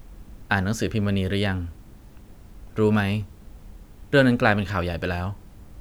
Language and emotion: Thai, neutral